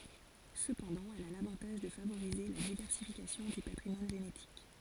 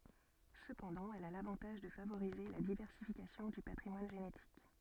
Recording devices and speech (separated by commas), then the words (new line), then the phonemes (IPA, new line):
forehead accelerometer, soft in-ear microphone, read sentence
Cependant, elle a l'avantage de favoriser la diversification du patrimoine génétique.
səpɑ̃dɑ̃ ɛl a lavɑ̃taʒ də favoʁize la divɛʁsifikasjɔ̃ dy patʁimwan ʒenetik